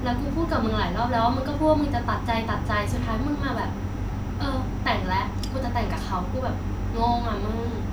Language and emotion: Thai, frustrated